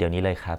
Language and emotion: Thai, neutral